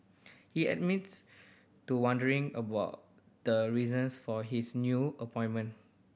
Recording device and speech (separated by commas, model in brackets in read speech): boundary microphone (BM630), read sentence